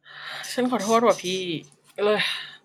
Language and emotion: Thai, sad